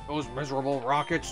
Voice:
rough voice